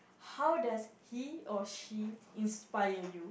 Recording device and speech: boundary microphone, conversation in the same room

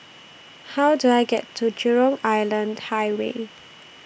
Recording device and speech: boundary microphone (BM630), read sentence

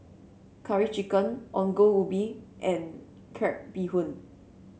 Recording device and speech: mobile phone (Samsung C7), read sentence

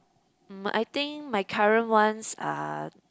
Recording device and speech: close-talking microphone, conversation in the same room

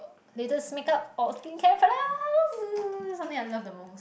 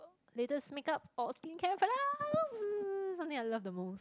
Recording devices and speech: boundary microphone, close-talking microphone, conversation in the same room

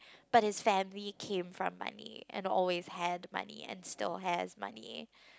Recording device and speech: close-talking microphone, conversation in the same room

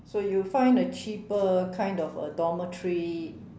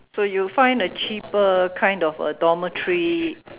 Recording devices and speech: standing microphone, telephone, conversation in separate rooms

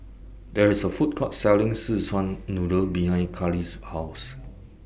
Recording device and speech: boundary microphone (BM630), read sentence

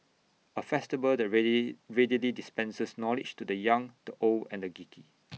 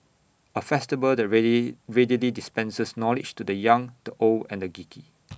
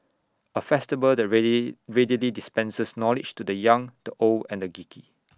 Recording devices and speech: mobile phone (iPhone 6), boundary microphone (BM630), standing microphone (AKG C214), read sentence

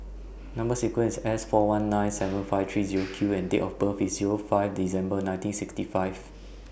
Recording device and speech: boundary microphone (BM630), read sentence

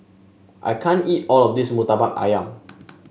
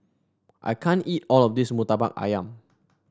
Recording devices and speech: mobile phone (Samsung S8), standing microphone (AKG C214), read sentence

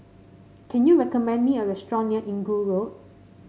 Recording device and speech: mobile phone (Samsung C5), read sentence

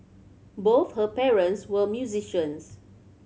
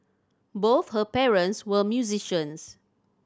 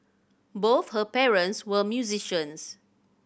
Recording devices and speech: mobile phone (Samsung C7100), standing microphone (AKG C214), boundary microphone (BM630), read sentence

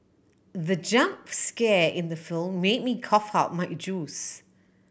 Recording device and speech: boundary microphone (BM630), read sentence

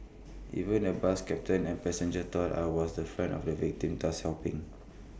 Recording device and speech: boundary microphone (BM630), read sentence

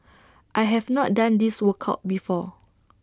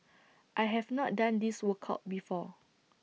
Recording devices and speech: standing microphone (AKG C214), mobile phone (iPhone 6), read sentence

